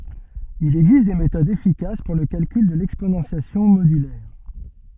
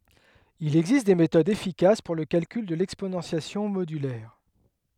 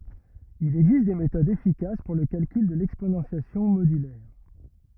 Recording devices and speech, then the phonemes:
soft in-ear microphone, headset microphone, rigid in-ear microphone, read sentence
il ɛɡzist de metodz efikas puʁ lə kalkyl də lɛksponɑ̃sjasjɔ̃ modylɛʁ

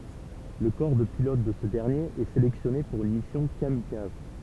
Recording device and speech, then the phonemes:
temple vibration pickup, read sentence
lə kɔʁ də pilot də sə dɛʁnjeʁ ɛ selɛksjɔne puʁ yn misjɔ̃ kamikaz

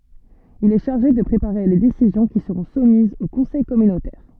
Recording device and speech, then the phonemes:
soft in-ear microphone, read sentence
il ɛ ʃaʁʒe də pʁepaʁe le desizjɔ̃ ki səʁɔ̃ sumizz o kɔ̃sɛj kɔmynotɛʁ

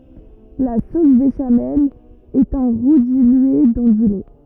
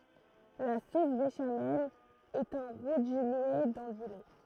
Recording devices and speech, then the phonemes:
rigid in-ear microphone, throat microphone, read sentence
la sos beʃamɛl ɛt œ̃ ʁu dilye dɑ̃ dy lɛ

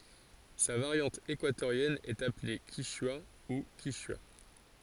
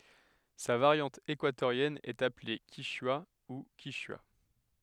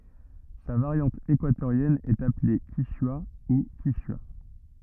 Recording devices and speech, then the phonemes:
forehead accelerometer, headset microphone, rigid in-ear microphone, read sentence
sa vaʁjɑ̃t ekwatoʁjɛn ɛt aple kiʃwa u kiʃya

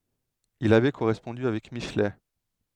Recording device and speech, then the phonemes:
headset microphone, read sentence
il avɛ koʁɛspɔ̃dy avɛk miʃlɛ

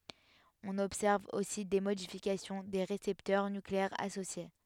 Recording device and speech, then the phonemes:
headset microphone, read sentence
ɔ̃n ɔbsɛʁv osi de modifikasjɔ̃ de ʁesɛptœʁ nykleɛʁz asosje

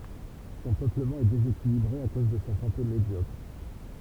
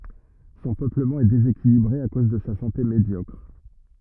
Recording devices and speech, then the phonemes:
temple vibration pickup, rigid in-ear microphone, read sentence
sɔ̃ pøpləmɑ̃ ɛ dezekilibʁe a koz də sa sɑ̃te medjɔkʁ

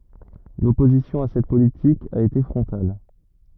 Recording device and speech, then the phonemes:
rigid in-ear microphone, read sentence
lɔpozisjɔ̃ a sɛt politik a ete fʁɔ̃tal

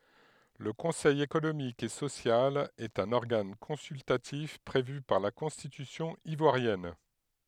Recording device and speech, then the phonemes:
headset microphone, read sentence
lə kɔ̃sɛj ekonomik e sosjal ɛt œ̃n ɔʁɡan kɔ̃syltatif pʁevy paʁ la kɔ̃stitysjɔ̃ ivwaʁjɛn

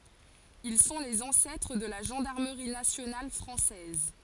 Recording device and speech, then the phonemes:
forehead accelerometer, read sentence
il sɔ̃ lez ɑ̃sɛtʁ də la ʒɑ̃daʁməʁi nasjonal fʁɑ̃sɛz

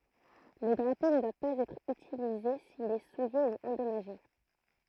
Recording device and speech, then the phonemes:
throat microphone, read sentence
lə dʁapo nə dwa paz ɛtʁ ytilize sil ɛ suje u ɑ̃dɔmaʒe

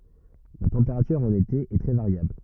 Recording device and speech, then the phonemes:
rigid in-ear microphone, read sentence
la tɑ̃peʁatyʁ ɑ̃n ete ɛ tʁɛ vaʁjabl

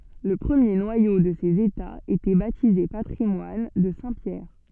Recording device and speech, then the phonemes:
soft in-ear microphone, read sentence
lə pʁəmje nwajo də sez etaz etɛ batize patʁimwan də sɛ̃ pjɛʁ

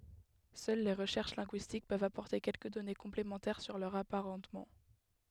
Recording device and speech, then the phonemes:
headset microphone, read sentence
sœl le ʁəʃɛʁʃ lɛ̃ɡyistik pøvt apɔʁte kɛlkə dɔne kɔ̃plemɑ̃tɛʁ syʁ lœʁz apaʁɑ̃tmɑ̃

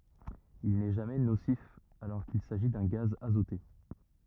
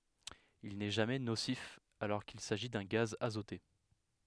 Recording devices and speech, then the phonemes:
rigid in-ear microphone, headset microphone, read sentence
il nɛ ʒamɛ nosif alɔʁ kil saʒi dœ̃ ɡaz azote

